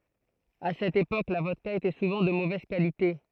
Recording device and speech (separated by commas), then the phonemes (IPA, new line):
throat microphone, read sentence
a sɛt epok la vɔdka etɛ suvɑ̃ də movɛz kalite